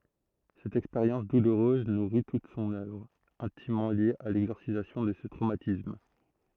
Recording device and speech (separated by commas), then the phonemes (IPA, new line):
throat microphone, read sentence
sɛt ɛkspeʁjɑ̃s duluʁøz nuʁi tut sɔ̃n œvʁ ɛ̃timmɑ̃ lje a lɛɡzɔʁsizasjɔ̃ də sə tʁomatism